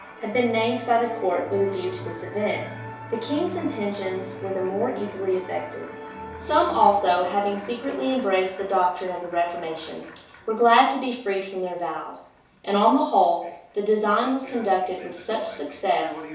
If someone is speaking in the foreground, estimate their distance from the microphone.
3.0 m.